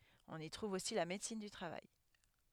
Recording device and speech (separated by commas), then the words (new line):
headset microphone, read sentence
On y trouve aussi la médecine du travail.